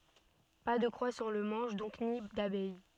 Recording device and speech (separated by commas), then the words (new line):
soft in-ear microphone, read sentence
Pas de croix sur le manche donc, ni d'abeille.